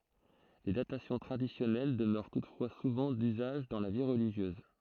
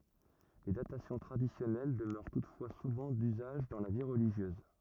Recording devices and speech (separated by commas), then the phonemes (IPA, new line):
throat microphone, rigid in-ear microphone, read sentence
le datasjɔ̃ tʁadisjɔnɛl dəmœʁ tutfwa suvɑ̃ dyzaʒ dɑ̃ la vi ʁəliʒjøz